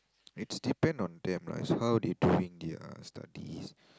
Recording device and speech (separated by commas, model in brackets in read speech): close-talking microphone, conversation in the same room